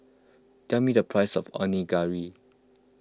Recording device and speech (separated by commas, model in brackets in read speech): close-talking microphone (WH20), read sentence